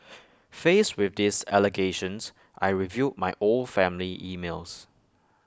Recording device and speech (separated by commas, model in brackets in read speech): close-talking microphone (WH20), read sentence